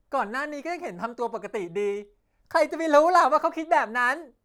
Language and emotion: Thai, happy